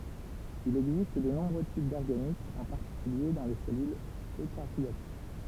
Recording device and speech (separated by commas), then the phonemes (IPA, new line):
temple vibration pickup, read sentence
il ɛɡzist də nɔ̃bʁø tip dɔʁɡanitz ɑ̃ paʁtikylje dɑ̃ le sɛlylz økaʁjot